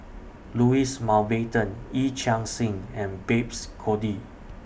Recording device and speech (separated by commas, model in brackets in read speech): boundary microphone (BM630), read sentence